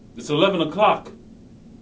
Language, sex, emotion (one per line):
English
male
neutral